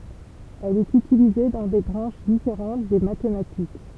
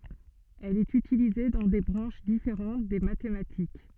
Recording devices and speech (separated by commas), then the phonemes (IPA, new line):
temple vibration pickup, soft in-ear microphone, read sentence
ɛl ɛt ytilize dɑ̃ de bʁɑ̃ʃ difeʁɑ̃t de matematik